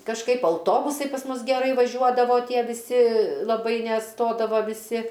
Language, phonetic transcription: Lithuanian, kažˈkaip auˈtobusai pas ˈmus geˈrai vaˈžiuodavo ˈtie viˈsi laˈbai neˈstodava viˈsi

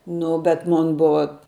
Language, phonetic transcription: Lithuanian, ˈnu bet ˈmon ˈbuva

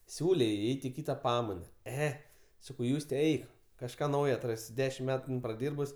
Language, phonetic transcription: Lithuanian, ˈsiūlė jai ˈeit' i ˈkyta ˈpamaina ˈe ˈsakau ˈjūste ˈeik kažˈką ˈnaujo atˈrasi ˈdešim ˈmetu ˈin praˈdyrbus

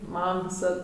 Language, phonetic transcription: Lithuanian, ˈmam viˈsad

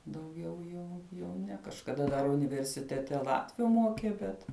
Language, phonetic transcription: Lithuanian, dauˈgiau ˈjų jau ˈne kažkaˈda dar universiteˈte ˈlatviu ˈmokė ˈbet

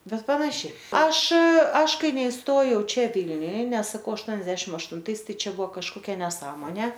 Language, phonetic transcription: Lithuanian, ˈbet ˈpanašiai ˈaš ˈaš ˈkai neisˈtojau ˈčia ˈvylniuj ˈnes saˈkau ašˈtuoniadešim aštunˈtais ˈtai ˈčia ˈbuvo kažkoˈkia neˈsąmonė

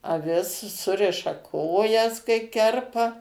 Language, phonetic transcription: Lithuanian, aˈvis ˈsuriša ˈkojas kai ˈkerpa

